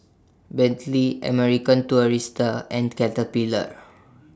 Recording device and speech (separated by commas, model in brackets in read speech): standing microphone (AKG C214), read sentence